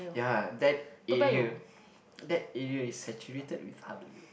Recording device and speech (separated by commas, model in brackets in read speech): boundary microphone, conversation in the same room